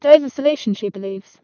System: VC, vocoder